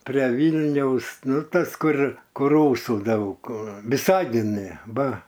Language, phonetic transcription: Lithuanian, pre ˈvylniaus ˈnu ˈtas ˈkur ˈkur ˈrūsu ˈdaug viˈsagine ˈba

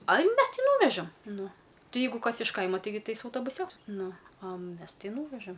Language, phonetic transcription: Lithuanian, aj ˈmes ˈti ˈnūvežam ˈnu ˈti ˈjeigu ˈkas iš ˈkaima ˈtaigi ˈtais autobuˈsioks ˈnu a ˈmes ˈti ˈnūvežam

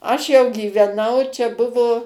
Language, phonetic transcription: Lithuanian, ˈaš jau gyveˈnau čia ˈbuvo

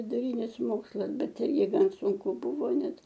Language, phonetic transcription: Lithuanian, viduˈrynis ˈmokslas ˈbet ˈirgi ˈgan sunˈku ˈbuvo ˈnet

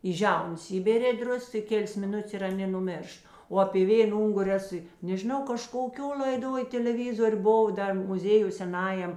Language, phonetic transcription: Lithuanian, į ˈžiaunas ˈįbėrė ˈdrusks i ˈkėlės miˈnutės i aˈnė nuˈmėršt o apė ˈvėn ˈunguri ˈesu i nežiˈnau kažkoˈkio l'aiˈdoj teleˈvizor' buˈvau ˈdar muˈzėjuj seˈnajam

